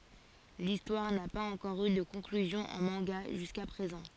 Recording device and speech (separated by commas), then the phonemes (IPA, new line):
forehead accelerometer, read sentence
listwaʁ na paz ɑ̃kɔʁ y də kɔ̃klyzjɔ̃ ɑ̃ mɑ̃ɡa ʒyska pʁezɑ̃